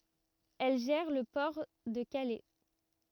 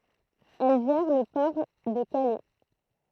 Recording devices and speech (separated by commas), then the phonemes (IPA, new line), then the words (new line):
rigid in-ear microphone, throat microphone, read sentence
ɛl ʒɛʁ lə pɔʁ də kalɛ
Elle gère le port de Calais.